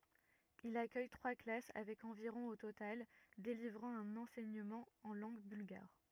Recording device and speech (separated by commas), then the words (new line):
rigid in-ear microphone, read sentence
Il accueille trois classes avec environ au total, délivrant un enseignement en langue bulgare.